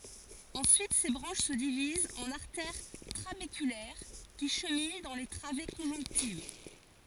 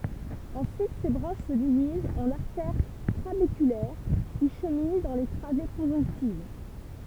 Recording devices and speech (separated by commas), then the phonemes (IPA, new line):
forehead accelerometer, temple vibration pickup, read sentence
ɑ̃syit se bʁɑ̃ʃ sə divizt ɑ̃n aʁtɛʁ tʁabekylɛʁ ki ʃəmin dɑ̃ le tʁave kɔ̃ʒɔ̃ktiv